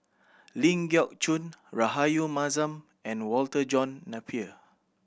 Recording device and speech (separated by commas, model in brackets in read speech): boundary microphone (BM630), read sentence